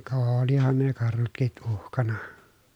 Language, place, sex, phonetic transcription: Finnish, Pielisjärvi, male, ka ooolihan ne karhutkiʼ ʼuhkana .
- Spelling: ka olihan ne karhutkin uhkana

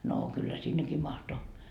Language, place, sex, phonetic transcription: Finnish, Markkova, female, noo , kyllä 'sinneki 'mahto .
- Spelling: no kyllä sinnekin mahtui

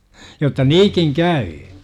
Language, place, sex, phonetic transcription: Finnish, Jurva, male, jotta 'niikiŋ "kä₍yy .
- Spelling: jotta niin käy

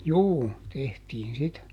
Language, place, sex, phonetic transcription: Finnish, Juupajoki, male, ˈjuu , ˈtehtiin "sitä .
- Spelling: juu tehtiin sitä

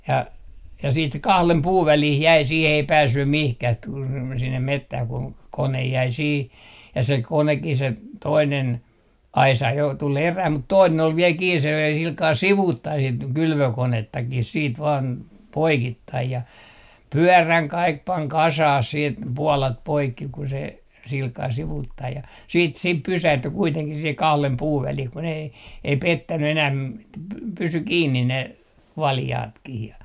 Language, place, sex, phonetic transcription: Finnish, Artjärvi, male, ja , ja siit "kahlem 'puuv 'välih jäi sih ei "päässym mihkäh t - tul sinnem "mettäh kuŋ 'konej jäi siih , ja se 'konekki se , 'toinen , "aisa jo 'tul eräh mut 'toinen ol viel kiin se löi 'silkaa "sivuuttai sit 'kylvökonettakih siit vaan , 'poikittaij ja , "pyäräŋ 'kaik 'paŋ "kasah siit , "pualat 'poikki ku se , 'silkaa sivuuttai ja , 'siit 'sip pysähty kuiteŋkih sihe 'kahlem 'puuv 'välih kun ‿ei , ei "pettäny enääm- , että , 'pysy "kiinnin ne , 'valjaatkih ja .
- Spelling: ja ja sitten kahden puun väliin jäi siihen ei päässyt mihinkään - tuli sinne metsään kun kone jäi siihen ja se konekin se toinen aisa jo tuli erään mutta toinen oli vielä kiinni se löi sillä kalella sivuttain sitten kylvökonettakin sitten vain poikittain ja pyörän kaikki pani kasaan sitten puolat poikki kun se sillä kalella sivuttain ja siitä sitten pysähtyi kuitenkin siihen kahden puun väliin kun ei ei pettänyt enää että pysyi kiinni ne valjaatkin ja

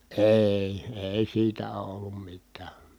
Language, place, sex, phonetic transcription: Finnish, Kitee, male, èi̮ , èi siitä oo ollum mit̆tää .
- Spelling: ei ei siitä ole ollut mitään

